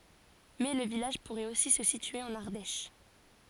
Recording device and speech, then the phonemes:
forehead accelerometer, read sentence
mɛ lə vilaʒ puʁɛt osi sə sitye ɑ̃n aʁdɛʃ

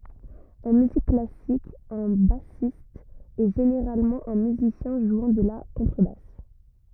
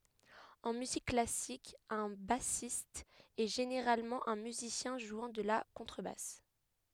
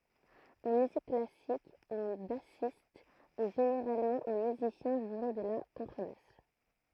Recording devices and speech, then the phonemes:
rigid in-ear microphone, headset microphone, throat microphone, read sentence
ɑ̃ myzik klasik œ̃ basist ɛ ʒeneʁalmɑ̃ œ̃ myzisjɛ̃ ʒwɑ̃ də la kɔ̃tʁəbas

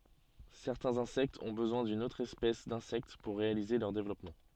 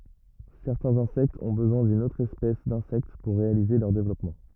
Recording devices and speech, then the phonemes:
soft in-ear microphone, rigid in-ear microphone, read sentence
sɛʁtɛ̃z ɛ̃sɛktz ɔ̃ bəzwɛ̃ dyn otʁ ɛspɛs dɛ̃sɛkt puʁ ʁealize lœʁ devlɔpmɑ̃

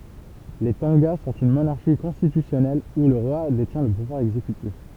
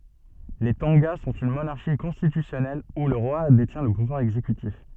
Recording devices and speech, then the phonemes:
temple vibration pickup, soft in-ear microphone, read sentence
le tɔ̃ɡa sɔ̃t yn monaʁʃi kɔ̃stitysjɔnɛl u lə ʁwa detjɛ̃ lə puvwaʁ ɛɡzekytif

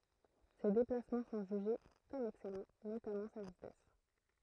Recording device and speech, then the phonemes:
throat microphone, read sentence
se deplasmɑ̃ sɔ̃ ʒyʒe kɔm ɛksɛlɑ̃ notamɑ̃ sa vitɛs

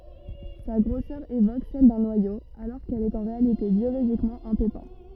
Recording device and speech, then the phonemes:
rigid in-ear microphone, read sentence
sa ɡʁosœʁ evok sɛl dœ̃ nwajo alɔʁ kɛl ɛt ɑ̃ ʁealite bjoloʒikmɑ̃ œ̃ pepɛ̃

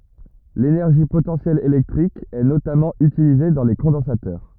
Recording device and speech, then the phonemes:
rigid in-ear microphone, read sentence
lenɛʁʒi potɑ̃sjɛl elɛktʁik ɛ notamɑ̃ ytilize dɑ̃ le kɔ̃dɑ̃satœʁ

